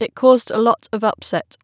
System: none